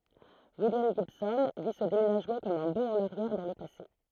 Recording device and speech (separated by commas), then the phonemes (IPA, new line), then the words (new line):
throat microphone, read sentence
wiljam ʒibsɔ̃ vi sə demenaʒmɑ̃ kɔm œ̃ bɔ̃ ɑ̃n aʁjɛʁ dɑ̃ lə pase
William Gibson vit ce déménagement comme un bond en arrière dans le passé.